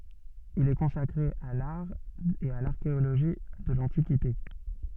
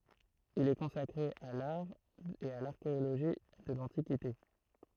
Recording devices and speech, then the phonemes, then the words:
soft in-ear microphone, throat microphone, read sentence
il ɛ kɔ̃sakʁe a laʁ e a laʁkeoloʒi də lɑ̃tikite
Il est consacré à l'art et à l'archéologie de l'Antiquité.

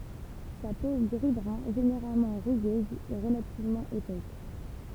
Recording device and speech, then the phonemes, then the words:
temple vibration pickup, read sentence
sa po ɡʁizbʁœ̃ ʒeneʁalmɑ̃ ʁyɡøz ɛ ʁəlativmɑ̃ epɛs
Sa peau gris-brun généralement rugueuse est relativement épaisse.

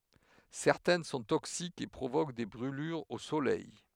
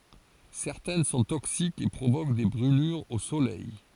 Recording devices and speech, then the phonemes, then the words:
headset microphone, forehead accelerometer, read sentence
sɛʁtɛn sɔ̃ toksikz e pʁovok de bʁylyʁz o solɛj
Certaines sont toxiques et provoquent des brûlures au soleil.

